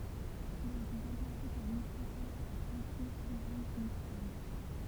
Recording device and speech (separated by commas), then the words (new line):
temple vibration pickup, read sentence
Il a été remplacé par Microsoft Office Live Meeting.